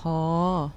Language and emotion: Thai, neutral